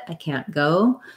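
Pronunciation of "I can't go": In 'I can't go', the vowel in 'can't' is not reduced; it is the full vowel of 'cat'. The T in 'can't' is not really aspirated.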